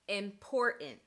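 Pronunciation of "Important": In 'important', the t is not a fully aspirated t; it is replaced by a glottal stop.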